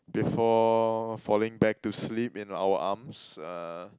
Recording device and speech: close-talking microphone, conversation in the same room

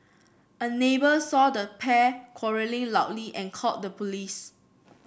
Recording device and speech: boundary microphone (BM630), read sentence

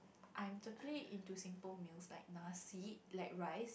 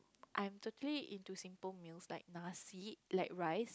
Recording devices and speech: boundary microphone, close-talking microphone, conversation in the same room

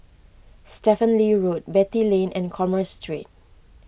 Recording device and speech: boundary microphone (BM630), read sentence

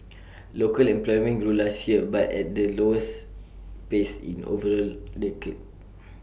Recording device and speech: boundary microphone (BM630), read sentence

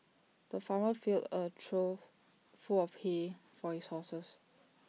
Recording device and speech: mobile phone (iPhone 6), read sentence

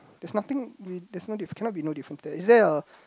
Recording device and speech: close-talking microphone, conversation in the same room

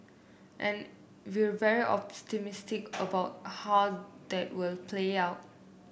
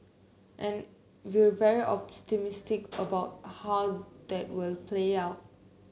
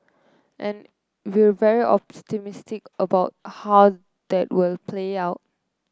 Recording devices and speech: boundary microphone (BM630), mobile phone (Samsung C9), close-talking microphone (WH30), read sentence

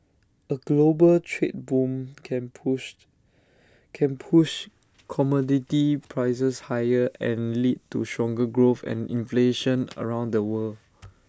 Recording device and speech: standing microphone (AKG C214), read sentence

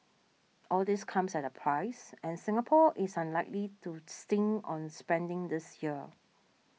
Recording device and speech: mobile phone (iPhone 6), read sentence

